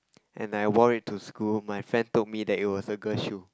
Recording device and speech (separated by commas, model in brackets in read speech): close-talking microphone, conversation in the same room